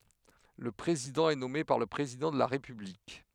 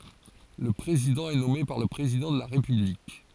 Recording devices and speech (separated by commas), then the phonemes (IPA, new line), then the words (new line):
headset microphone, forehead accelerometer, read sentence
lə pʁezidɑ̃ ɛ nɔme paʁ lə pʁezidɑ̃ də la ʁepyblik
Le président est nommé par le président de la République.